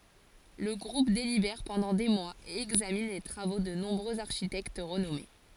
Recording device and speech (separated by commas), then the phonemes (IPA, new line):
forehead accelerometer, read sentence
lə ɡʁup delibɛʁ pɑ̃dɑ̃ de mwaz e ɛɡzamin le tʁavo də nɔ̃bʁøz aʁʃitɛkt ʁənɔme